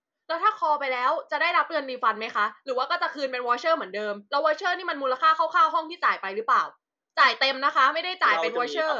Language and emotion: Thai, angry